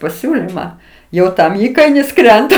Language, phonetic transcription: Lithuanian, paˈsiūlimą ˈjau ˈtam ˈįkainis ˈkrenta

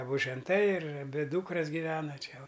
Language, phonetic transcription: Lithuanian, aˈbu ženˈtai ir aˈbi ˈdūkras giˈvena ˈčia o

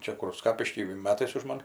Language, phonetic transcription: Lithuanian, ˈčia kur ˈskapišky ˈmetais už ˈman

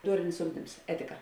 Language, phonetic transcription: Lithuanian, ˈduorinis ˈugdims ˈetika

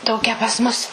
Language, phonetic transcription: Lithuanian, ˈtokią pas mus

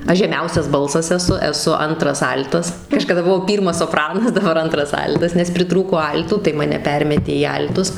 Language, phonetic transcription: Lithuanian, ˈaš žeˈmiausias ˈbalsas eˈsu eˈsu ˈantras ˈal'tas kažkaˈda buˈvau ˈpyrmas soˈpranas daˈbar ˈantras ˈal'tas nes priˈtrūko ˈal'tų tai maˈne ˈpermetė į ˈal'tus

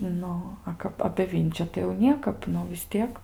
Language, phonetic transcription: Lithuanian, ˈnu ˈa kap apė ˈvinčiu tai jau ˈniekap ˈnu vis ˈtiek

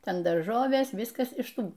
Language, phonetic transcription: Lithuanian, ˈten darˈžovės ˈviskas iš ˈtų

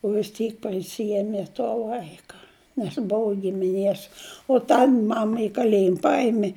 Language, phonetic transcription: Lithuanian, o vis ˈtyk paˈsieme to ˈvaika nes ˈbuvu gimiˈnės o ˈtan ˈmama i kaˈlėjim ˈpaimė

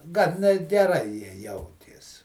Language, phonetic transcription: Lithuanian, ˈgan net geˈrai ˈjie ˈjautės

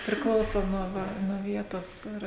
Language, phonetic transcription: Lithuanian, priˈklauso nuo ˈva nuo ˈvietos ˈir

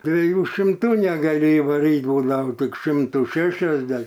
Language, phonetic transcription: Lithuanian, dvieˈjų šimˈtų negaˈli ivaˈryt ˈbūdao tik ˈšimtų ˈšešiasde

